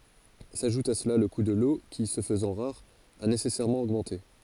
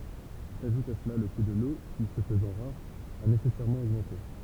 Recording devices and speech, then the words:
forehead accelerometer, temple vibration pickup, read sentence
S’ajoute à cela le coût de l’eau qui, se faisant rare, a nécessairement augmenté.

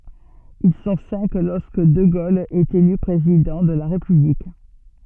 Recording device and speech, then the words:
soft in-ear microphone, read sentence
Ils sont cinq lorsque de Gaulle est élu président de la République.

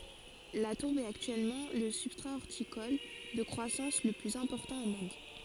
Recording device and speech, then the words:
forehead accelerometer, read sentence
La tourbe est actuellement le substrat horticole de croissance le plus important au monde.

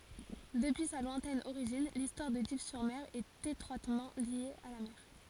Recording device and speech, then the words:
forehead accelerometer, read sentence
Depuis sa lointaine origine, l’histoire de Dives-sur-Mer est étroitement liée à la mer.

